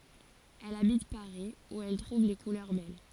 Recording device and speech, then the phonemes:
forehead accelerometer, read sentence
ɛl abit paʁi u ɛl tʁuv le kulœʁ bɛl

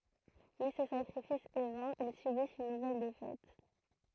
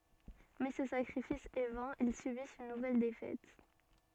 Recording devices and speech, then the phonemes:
throat microphone, soft in-ear microphone, read sentence
mɛ sə sakʁifis ɛ vɛ̃ il sybist yn nuvɛl defɛt

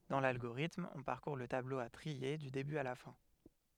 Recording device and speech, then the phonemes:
headset microphone, read sentence
dɑ̃ lalɡoʁitm ɔ̃ paʁkuʁ lə tablo a tʁie dy deby a la fɛ̃

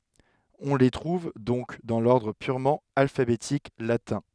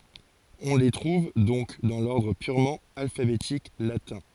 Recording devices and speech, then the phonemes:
headset microphone, forehead accelerometer, read sentence
ɔ̃ le tʁuv dɔ̃k dɑ̃ lɔʁdʁ pyʁmɑ̃ alfabetik latɛ̃

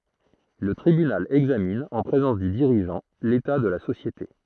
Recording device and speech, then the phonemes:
throat microphone, read sentence
lə tʁibynal ɛɡzamin ɑ̃ pʁezɑ̃s dy diʁiʒɑ̃ leta də la sosjete

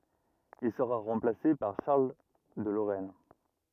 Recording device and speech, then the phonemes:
rigid in-ear microphone, read sentence
il səʁa ʁɑ̃plase paʁ ʃaʁl də loʁɛn

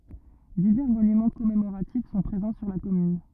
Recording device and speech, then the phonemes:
rigid in-ear microphone, read sentence
divɛʁ monymɑ̃ kɔmemoʁatif sɔ̃ pʁezɑ̃ syʁ la kɔmyn

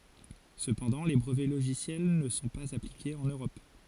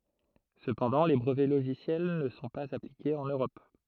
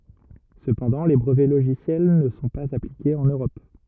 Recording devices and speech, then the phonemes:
forehead accelerometer, throat microphone, rigid in-ear microphone, read sentence
səpɑ̃dɑ̃ le bʁəvɛ loʒisjɛl nə sɔ̃ paz aplikez ɑ̃n øʁɔp

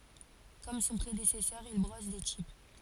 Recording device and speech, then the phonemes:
forehead accelerometer, read sentence
kɔm sɔ̃ pʁedesɛsœʁ il bʁɔs de tip

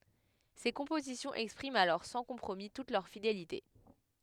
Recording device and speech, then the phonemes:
headset microphone, read sentence
se kɔ̃pozisjɔ̃z ɛkspʁimt alɔʁ sɑ̃ kɔ̃pʁomi tut lœʁ fidelite

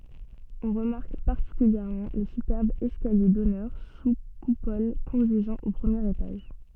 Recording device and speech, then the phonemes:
soft in-ear microphone, read sentence
ɔ̃ ʁəmaʁk paʁtikyljɛʁmɑ̃ lə sypɛʁb ɛskalje dɔnœʁ su kupɔl kɔ̃dyizɑ̃ o pʁəmjeʁ etaʒ

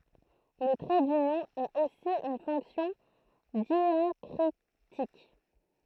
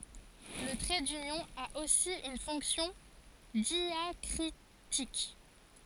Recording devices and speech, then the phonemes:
throat microphone, forehead accelerometer, read sentence
lə tʁɛ dynjɔ̃ a osi yn fɔ̃ksjɔ̃ djakʁitik

